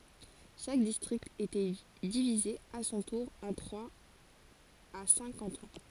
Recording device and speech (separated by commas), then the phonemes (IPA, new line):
forehead accelerometer, read sentence
ʃak distʁikt etɛ divize a sɔ̃ tuʁ ɑ̃ tʁwaz a sɛ̃k kɑ̃tɔ̃